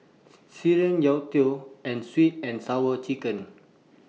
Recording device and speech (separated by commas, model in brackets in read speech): mobile phone (iPhone 6), read sentence